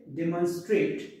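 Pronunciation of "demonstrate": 'Demonstrate' is pronounced correctly here.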